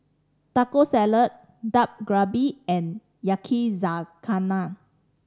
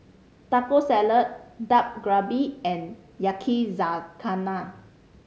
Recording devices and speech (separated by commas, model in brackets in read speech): standing microphone (AKG C214), mobile phone (Samsung C5010), read sentence